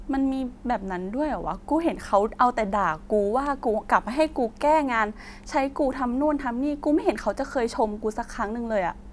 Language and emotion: Thai, frustrated